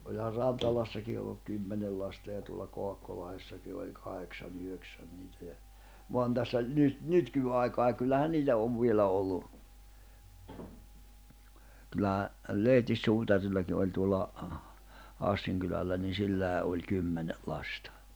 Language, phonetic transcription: Finnish, oĺhar 'Rantalassaki olluk 'kymmenel lasta ja tuolla 'Koakkolahessaki oĺ , 'kahek'nsan'ⁿ ‿yhöksän niitä ja , voan tässä , nyt 'nyt -ky₍aikaa ja kyllähän 'niitä ov 'vielä ollu , kyllähä , 'Lehtis'suutarillaki oĺ tuolla , 'Hassiŋ kylällä ni 'silläi̬ ’oĺ 'kymmenel̆ 'lastᴀ .
- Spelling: onhan Rantalassakin ollut kymmenen lasta ja tuolla Kaakkolahdessakin oli kahdeksan yhdeksän niitä ja vaan tässä nyt - nykyaikaan ja kyllähän niitä on vielä ollut kyllähän Lehtis-suutarillakin oli tuolla Hassin kylällä niin sillä oli kymmenen lasta

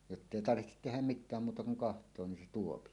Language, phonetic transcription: Finnish, jottèi tarvihtet tehäm "mit̆tääm 'muuta kuŋ "kaht̀oo nin se 'tuopi .
- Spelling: jotta ei tarvitse tehdä mitään muuta kuin katsoa niin se tuo

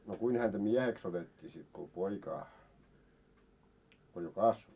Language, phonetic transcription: Finnish, no 'kuin häntä "miɛheks otet́t́ii sit ko 'poikaa , ko jo "kasvo ?
- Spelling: no kuinka häntä mieheksi otettiin sitten kun poikaa kun jo kasvoi

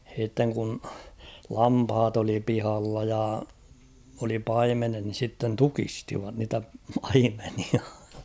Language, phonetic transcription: Finnish, h̬ìtteŋ kun , 'lamphat ‿oli 'pihalla ja , oli 'paimenet ni sitten "tukistivat niitä 'paimenia .
- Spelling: sitten kun lampaat oli pihalla ja oli paimenet niin sitten tukistivat niitä paimenia

